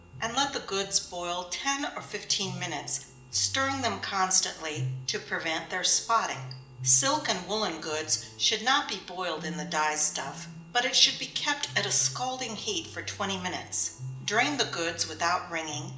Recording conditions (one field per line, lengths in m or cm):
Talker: one person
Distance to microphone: 1.8 m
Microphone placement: close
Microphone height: 1.0 m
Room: large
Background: music